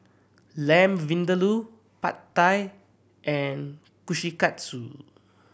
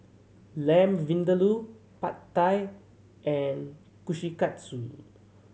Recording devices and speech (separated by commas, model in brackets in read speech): boundary microphone (BM630), mobile phone (Samsung C7100), read sentence